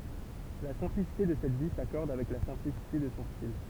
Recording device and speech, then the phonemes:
temple vibration pickup, read sentence
la sɛ̃plisite də sɛt vi sakɔʁd avɛk la sɛ̃plisite də sɔ̃ stil

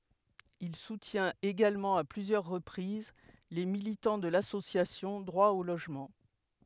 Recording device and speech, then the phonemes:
headset microphone, read sentence
il sutjɛ̃t eɡalmɑ̃ a plyzjœʁ ʁəpʁiz le militɑ̃ də lasosjasjɔ̃ dʁwa o loʒmɑ̃

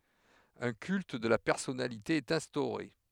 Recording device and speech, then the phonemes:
headset microphone, read sentence
œ̃ kylt də la pɛʁsɔnalite ɛt ɛ̃stoʁe

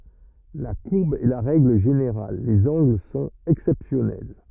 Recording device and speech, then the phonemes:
rigid in-ear microphone, read sentence
la kuʁb ɛ la ʁɛɡl ʒeneʁal lez ɑ̃ɡl sɔ̃t ɛksɛpsjɔnɛl

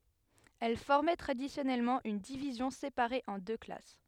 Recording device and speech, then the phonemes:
headset microphone, read sentence
ɛl fɔʁmɛ tʁadisjɔnɛlmɑ̃ yn divizjɔ̃ sepaʁe ɑ̃ dø klas

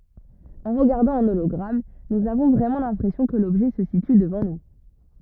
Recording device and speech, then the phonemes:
rigid in-ear microphone, read sentence
ɑ̃ ʁəɡaʁdɑ̃ œ̃ olɔɡʁam nuz avɔ̃ vʁɛmɑ̃ lɛ̃pʁɛsjɔ̃ kə lɔbʒɛ sə sity dəvɑ̃ nu

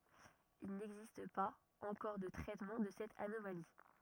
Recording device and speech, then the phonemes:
rigid in-ear microphone, read sentence
il nɛɡzist paz ɑ̃kɔʁ də tʁɛtmɑ̃ də sɛt anomali

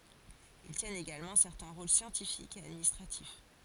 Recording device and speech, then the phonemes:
forehead accelerometer, read sentence
il tjɛnt eɡalmɑ̃ sɛʁtɛ̃ ʁol sjɑ̃tifikz e administʁatif

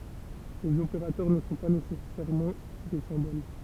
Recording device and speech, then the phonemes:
temple vibration pickup, read sentence
lez opeʁatœʁ nə sɔ̃ pa nesɛsɛʁmɑ̃ de sɛ̃bol

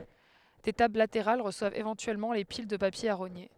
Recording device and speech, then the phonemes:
headset microphone, read sentence
de tabl lateʁal ʁəswavt evɑ̃tyɛlmɑ̃ le pil də papje a ʁoɲe

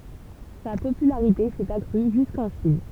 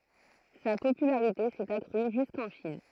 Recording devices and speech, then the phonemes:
temple vibration pickup, throat microphone, read sentence
sa popylaʁite sɛt akʁy ʒyskɑ̃ ʃin

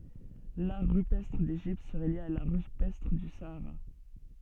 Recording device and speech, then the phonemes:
soft in-ear microphone, read sentence
laʁ ʁypɛstʁ deʒipt səʁɛ lje a laʁ ʁypɛstʁ dy saaʁa

